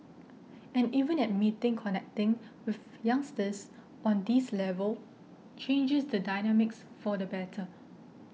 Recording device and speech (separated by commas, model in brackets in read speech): mobile phone (iPhone 6), read sentence